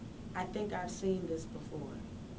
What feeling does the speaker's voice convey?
neutral